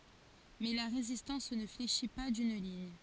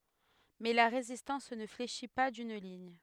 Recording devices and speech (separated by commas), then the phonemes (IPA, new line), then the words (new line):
forehead accelerometer, headset microphone, read sentence
mɛ la ʁezistɑ̃s nə fleʃi pa dyn liɲ
Mais la résistance ne fléchit pas d'une ligne.